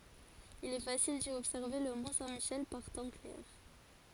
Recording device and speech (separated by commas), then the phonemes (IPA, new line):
forehead accelerometer, read sentence
il ɛ fasil di ɔbsɛʁve lə mɔ̃ sɛ̃ miʃɛl paʁ tɑ̃ klɛʁ